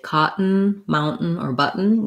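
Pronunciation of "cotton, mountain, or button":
In 'cotton', 'mountain' and 'button', the T is a stop T followed directly by the N.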